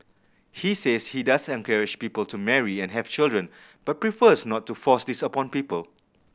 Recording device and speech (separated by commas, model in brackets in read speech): boundary microphone (BM630), read sentence